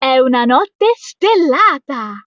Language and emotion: Italian, happy